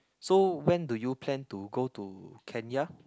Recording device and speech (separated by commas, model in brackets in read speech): close-talking microphone, conversation in the same room